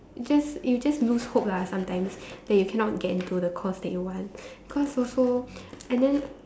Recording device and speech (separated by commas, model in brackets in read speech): standing microphone, conversation in separate rooms